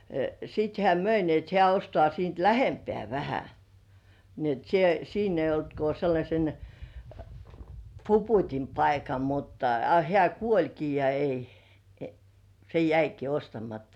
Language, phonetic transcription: Finnish, sit hĕä̀ "möi ni ‿et hĕä̀ ostŏà siint "lähempĕä̀ 'vähä , ni ‿et sie- 'siin ‿ei olt ko sellaśen , "Puput́im 'paika mutta , a 'hĕä̀ "kuoĺki ja 'ei , se "jäiki 'ostamatta .
- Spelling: sitten hän myi niin että hän ostaa siitä lähempää vähän niin että - siinä ei ollut kuin sellaisen Puputin paikka mutta a hän kuolikin ja ei se jäikin ostamatta

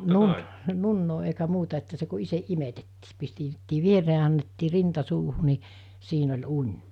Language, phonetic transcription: Finnish, nun- , 'nunnoo eikä 'muuta että se ku 'iseˀ ˀimetettii , pistettii 'vieree ‿a annettii 'rinta 'suuhu ni , 'siin ‿oĺ 'uń .
- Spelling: - nunnaa eikä muuta että se kun itse imetettiin pistettiin viereen ja annettiin rinta suuhun niin siinä oli uni

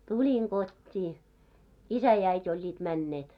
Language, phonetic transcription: Finnish, tuĺiŋ 'ɢot́t́ii , 'isä ja 'äit́ ‿oĺĺiit 'männeet .
- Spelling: tulin kotiin isä ja äiti olivat menneet

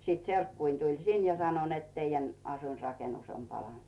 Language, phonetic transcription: Finnish, 'sit 'serkkuin tuĺ "sin ja 'sano net » teijän ‿'asuinrakenus om "palanᵗ « .
- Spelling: sitten serkkuni tuli sinne ja sanoi että teidän asuinrakennus on palanut

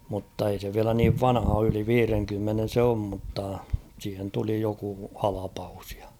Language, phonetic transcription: Finnish, mutta ei se 'viälä niiv "vanha oo yli "viireŋkymmenen̬ 'se om mutta , siihen 'tuli joku "halapaus ᴊᴀ .
- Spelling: mutta ei se vielä niin vanha ole yli viidenkymmenen se on mutta siihen tuli joku halvaus ja

